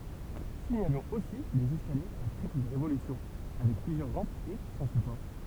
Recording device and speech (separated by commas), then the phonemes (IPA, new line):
temple vibration pickup, read sentence
siɲalɔ̃z osi dez ɛskaljez a tʁipl ʁevolysjɔ̃ avɛk plyzjœʁ ʁɑ̃pz e sɑ̃ sypɔʁ